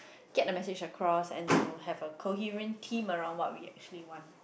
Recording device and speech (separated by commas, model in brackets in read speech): boundary microphone, conversation in the same room